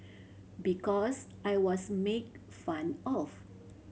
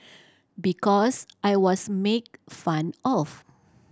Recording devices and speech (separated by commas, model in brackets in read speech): mobile phone (Samsung C7100), standing microphone (AKG C214), read sentence